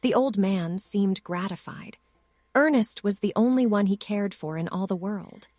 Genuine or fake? fake